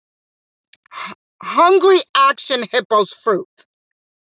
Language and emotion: English, angry